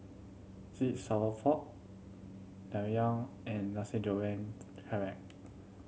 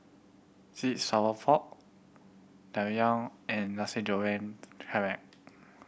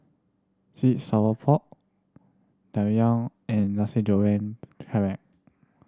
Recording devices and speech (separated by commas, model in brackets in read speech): mobile phone (Samsung C7100), boundary microphone (BM630), standing microphone (AKG C214), read sentence